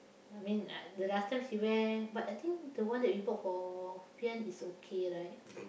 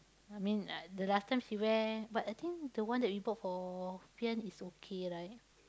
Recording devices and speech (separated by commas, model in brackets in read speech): boundary microphone, close-talking microphone, conversation in the same room